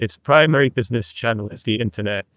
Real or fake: fake